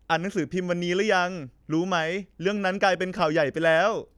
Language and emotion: Thai, happy